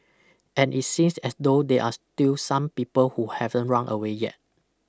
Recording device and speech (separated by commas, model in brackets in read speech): close-talking microphone (WH20), read sentence